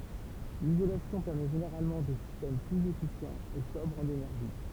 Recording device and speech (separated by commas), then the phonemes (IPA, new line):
temple vibration pickup, read sentence
lizolasjɔ̃ pɛʁmɛ ʒeneʁalmɑ̃ de sistɛm plyz efisjɑ̃z e sɔbʁz ɑ̃n enɛʁʒi